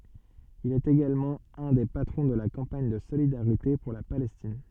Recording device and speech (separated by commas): soft in-ear microphone, read sentence